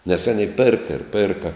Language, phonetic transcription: Lithuanian, nes ˈanei ˈpėrka ir ˈpėrka

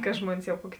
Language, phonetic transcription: Lithuanian, ka ˈžmuonis jau ˈkuoki

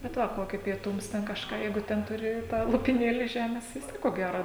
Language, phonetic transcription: Lithuanian, bet ˈva ˈkokį pieˈtums ten kažˈką ˈjeigu ˈten tuˈri tą lopiˈnėlį ˈžemės vis ˈtiek ko ˈgæro

